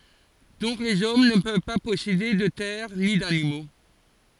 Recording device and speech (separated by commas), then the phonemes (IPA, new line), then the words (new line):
forehead accelerometer, read sentence
dɔ̃k lez ɔm nə pøv pa pɔsede də tɛʁ ni danimo
Donc les hommes ne peuvent pas posséder de terres ni d'animaux.